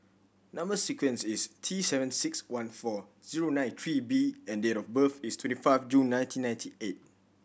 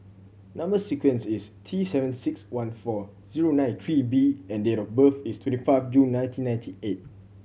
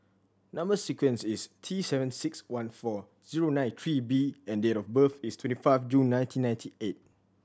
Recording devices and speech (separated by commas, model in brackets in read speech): boundary microphone (BM630), mobile phone (Samsung C7100), standing microphone (AKG C214), read sentence